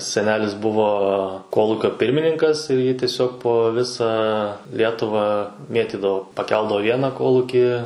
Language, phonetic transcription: Lithuanian, seˈnelis ˈbuvo ˈkolūkio ˈpirmininkas ir jį tiˈsiog po ˈvisą ˈlietuvą ˈmėtydavo paˈkeldavo ˈvieną ˈkolukį

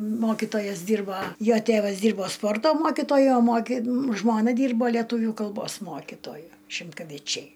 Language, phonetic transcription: Lithuanian, ˈmokitojas ˈdyrba ˈjo ˈtėvas ˈdyrbo ˈsporto ˈmokitoju o ˈmoki ˈžmona ˈdyrbo leˈtūvių kalˈbos ˈmokitoju šimkaviˈčiai

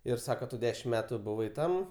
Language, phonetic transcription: Lithuanian, ir ˈsako ˈtu ˈdešim ˈmetu buˈvai ˈtam

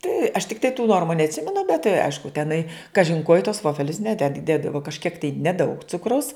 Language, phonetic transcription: Lithuanian, tai aš tikˈtai tų ˈnormu neatˈsimenu bet tai ˈaišku teˈnai ˈkažin ko i tuos ˈvofelius ˈneded ˈdėdavo kažˈkiek tai neˈdaug ˈcukraus

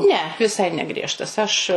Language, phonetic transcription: Lithuanian, ne ˈvisai neˈgriežtas aš

